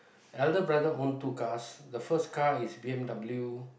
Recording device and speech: boundary microphone, conversation in the same room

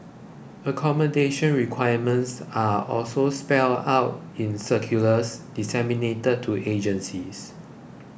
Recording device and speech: boundary microphone (BM630), read sentence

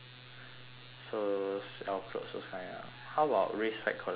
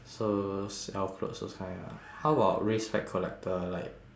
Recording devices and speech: telephone, standing microphone, conversation in separate rooms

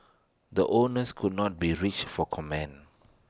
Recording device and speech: standing microphone (AKG C214), read sentence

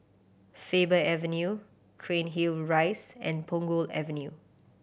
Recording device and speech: boundary microphone (BM630), read sentence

